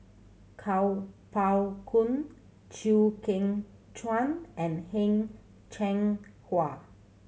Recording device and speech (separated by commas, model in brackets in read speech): mobile phone (Samsung C7100), read sentence